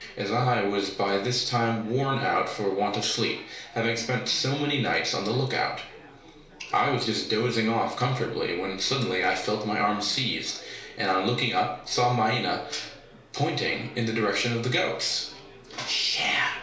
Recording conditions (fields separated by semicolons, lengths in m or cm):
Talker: one person; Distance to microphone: 1.0 m; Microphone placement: close; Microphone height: 1.1 m; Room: small (3.7 m by 2.7 m); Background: babble